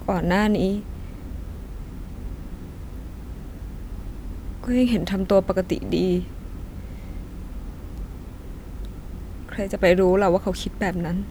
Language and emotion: Thai, sad